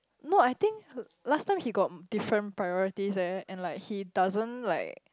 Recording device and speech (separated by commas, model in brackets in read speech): close-talking microphone, conversation in the same room